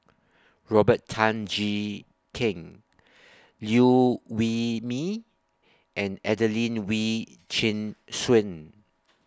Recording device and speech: standing microphone (AKG C214), read sentence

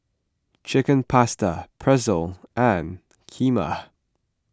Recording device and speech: close-talking microphone (WH20), read sentence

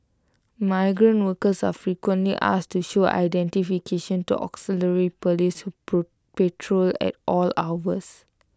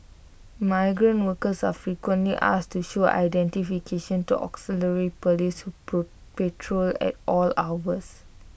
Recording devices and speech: close-talking microphone (WH20), boundary microphone (BM630), read sentence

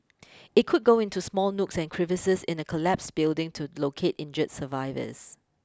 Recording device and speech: close-talking microphone (WH20), read sentence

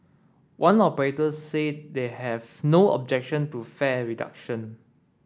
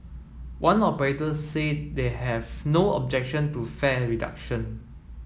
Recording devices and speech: standing microphone (AKG C214), mobile phone (iPhone 7), read sentence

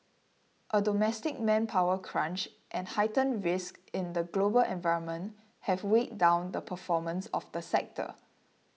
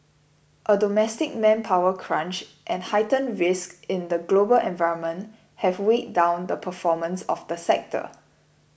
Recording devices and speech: mobile phone (iPhone 6), boundary microphone (BM630), read sentence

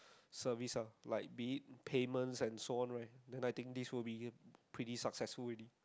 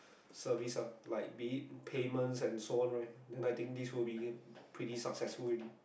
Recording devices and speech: close-talking microphone, boundary microphone, conversation in the same room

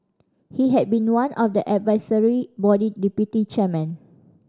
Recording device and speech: standing microphone (AKG C214), read sentence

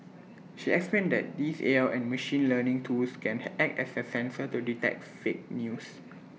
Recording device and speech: mobile phone (iPhone 6), read sentence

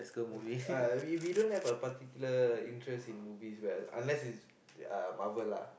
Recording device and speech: boundary microphone, conversation in the same room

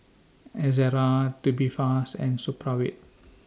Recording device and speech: standing microphone (AKG C214), read sentence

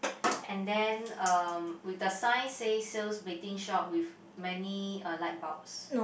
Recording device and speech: boundary microphone, conversation in the same room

